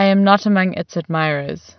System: none